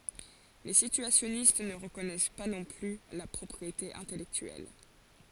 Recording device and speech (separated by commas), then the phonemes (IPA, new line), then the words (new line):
forehead accelerometer, read sentence
le sityasjɔnist nə ʁəkɔnɛs pa nɔ̃ ply la pʁɔpʁiete ɛ̃tɛlɛktyɛl
Les situationnistes ne reconnaissent pas non plus la propriété intellectuelle.